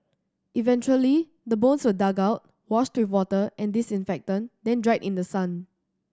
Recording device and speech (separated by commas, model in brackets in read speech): standing microphone (AKG C214), read sentence